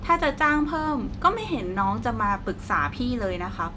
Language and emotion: Thai, neutral